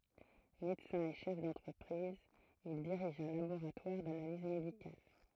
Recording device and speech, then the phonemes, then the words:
throat microphone, read sentence
medəsɛ̃ e ʃɛf dɑ̃tʁəpʁiz il diʁiʒ œ̃ laboʁatwaʁ danaliz medikal
Médecin et chef d'entreprise, il dirige un laboratoire d'analyses médicales.

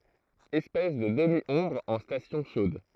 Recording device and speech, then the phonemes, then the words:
throat microphone, read sentence
ɛspɛs də dəmjɔ̃bʁ ɑ̃ stasjɔ̃ ʃod
Espèce de demi-ombre en stations chaudes.

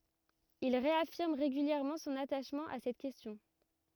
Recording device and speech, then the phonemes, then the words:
rigid in-ear microphone, read sentence
il ʁeafiʁm ʁeɡyljɛʁmɑ̃ sɔ̃n ataʃmɑ̃ a sɛt kɛstjɔ̃
Il réaffirme régulièrement son attachement à cette question.

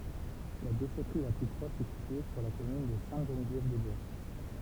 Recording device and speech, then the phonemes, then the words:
temple vibration pickup, read sentence
la deʃɛtʁi la ply pʁɔʃ ɛ sitye syʁ la kɔmyn də sɛ̃təʒənvjɛvdɛzbwa
La déchèterie la plus proche est située sur la commune de Sainte-Geneviève-des-Bois.

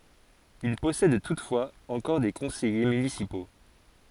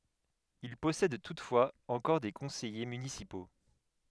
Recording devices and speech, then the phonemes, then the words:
forehead accelerometer, headset microphone, read sentence
il pɔsɛd tutfwaz ɑ̃kɔʁ de kɔ̃sɛje mynisipo
Il possède toutefois encore des conseillers municipaux.

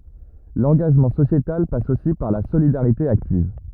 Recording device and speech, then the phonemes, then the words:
rigid in-ear microphone, read sentence
lɑ̃ɡaʒmɑ̃ sosjetal pas osi paʁ la solidaʁite aktiv
L'engagement sociétal passe aussi par la solidarité active.

